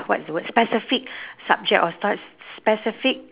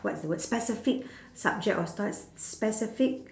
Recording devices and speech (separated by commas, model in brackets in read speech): telephone, standing microphone, conversation in separate rooms